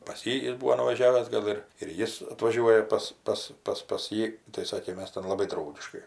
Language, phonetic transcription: Lithuanian, pas ˈjį ˈjis ˈbūvo nuvaˈžiavęs ˈgal ir ir ˈjis atvaˈžiuoja pas ˈpas ˈpas pas ˈjį tai ˈsakė ˈmes ten laˈbai ˈdraugiškai

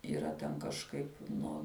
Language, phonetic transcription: Lithuanian, yˈra ten kažˈkaip ˈno

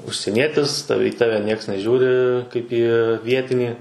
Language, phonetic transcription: Lithuanian, užsieˈnietis ˈtave į ˈtave ˈnieks neˈžiūri kaip ˈį ˈvietinį

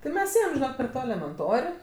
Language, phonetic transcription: Lithuanian, ti ˈmes ˈėjem per ˈto elemenˈtor'

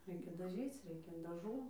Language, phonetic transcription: Lithuanian, ˈreikia daˈžyc ˈreikia daˈžų

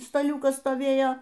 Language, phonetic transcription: Lithuanian, staˈliūkas stoˈvėjo

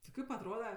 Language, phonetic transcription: Lithuanian, ti ˈkaip atˈroda

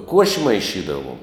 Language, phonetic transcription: Lithuanian, ˈkuoši maiˈšydavuom

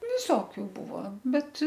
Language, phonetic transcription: Lithuanian, viˈsokiu ˈbuvo ˈbet

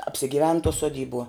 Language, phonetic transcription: Lithuanian, apsigiˈven tuo suoˈdybuo

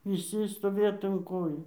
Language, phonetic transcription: Lithuanian, viˈsi stoˈvėt un ˈkojų

